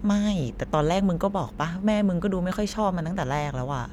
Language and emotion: Thai, frustrated